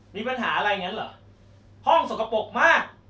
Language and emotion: Thai, angry